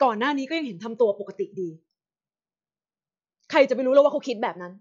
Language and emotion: Thai, frustrated